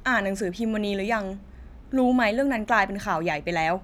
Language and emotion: Thai, frustrated